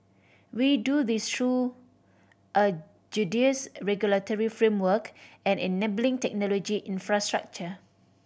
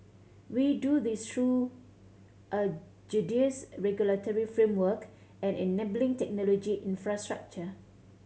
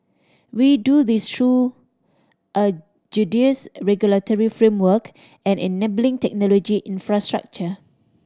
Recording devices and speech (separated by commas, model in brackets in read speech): boundary microphone (BM630), mobile phone (Samsung C7100), standing microphone (AKG C214), read sentence